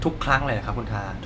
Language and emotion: Thai, frustrated